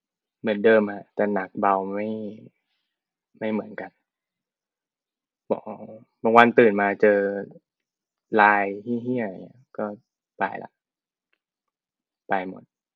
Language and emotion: Thai, frustrated